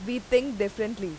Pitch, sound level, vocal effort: 225 Hz, 90 dB SPL, very loud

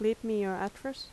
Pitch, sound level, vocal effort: 220 Hz, 81 dB SPL, soft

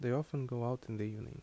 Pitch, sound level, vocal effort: 125 Hz, 76 dB SPL, soft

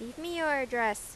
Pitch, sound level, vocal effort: 255 Hz, 91 dB SPL, loud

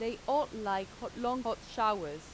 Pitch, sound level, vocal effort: 230 Hz, 90 dB SPL, normal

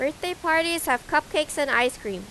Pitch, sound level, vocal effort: 300 Hz, 91 dB SPL, loud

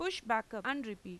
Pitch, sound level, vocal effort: 225 Hz, 91 dB SPL, loud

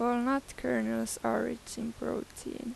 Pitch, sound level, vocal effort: 235 Hz, 84 dB SPL, soft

